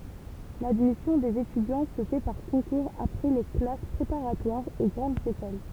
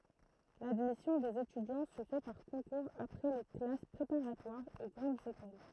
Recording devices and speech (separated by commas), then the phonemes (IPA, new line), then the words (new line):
temple vibration pickup, throat microphone, read sentence
ladmisjɔ̃ dez etydjɑ̃ sə fɛ paʁ kɔ̃kuʁz apʁɛ le klas pʁepaʁatwaʁz o ɡʁɑ̃dz ekol
L’admission des étudiants se fait par concours après les classes préparatoires aux grandes écoles.